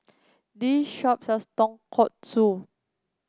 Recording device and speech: close-talking microphone (WH30), read sentence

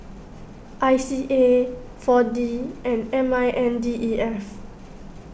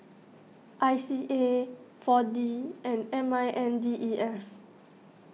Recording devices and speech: boundary microphone (BM630), mobile phone (iPhone 6), read sentence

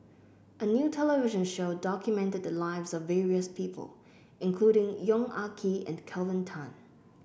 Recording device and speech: boundary microphone (BM630), read sentence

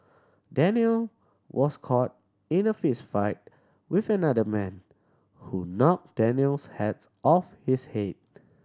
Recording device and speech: standing microphone (AKG C214), read sentence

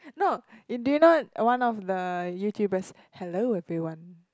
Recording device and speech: close-talking microphone, conversation in the same room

